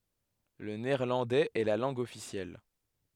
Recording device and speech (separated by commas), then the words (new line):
headset microphone, read sentence
Le néerlandais est la langue officielle.